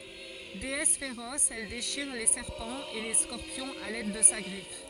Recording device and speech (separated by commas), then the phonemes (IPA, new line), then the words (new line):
forehead accelerometer, read sentence
deɛs feʁɔs ɛl deʃiʁ le sɛʁpɑ̃z e le skɔʁpjɔ̃z a lɛd də sa ɡʁif
Déesse féroce, elle déchire les serpents et les scorpions à l'aide de sa griffe.